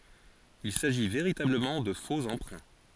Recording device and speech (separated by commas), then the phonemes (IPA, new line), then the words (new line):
forehead accelerometer, read sentence
il saʒi veʁitabləmɑ̃ də fo ɑ̃pʁɛ̃
Il s'agit véritablement de faux emprunts.